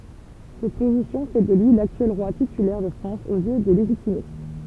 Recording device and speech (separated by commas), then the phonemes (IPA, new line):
temple vibration pickup, read sentence
sɛt pozisjɔ̃ fɛ də lyi laktyɛl ʁwa titylɛʁ də fʁɑ̃s oz jø de leʒitimist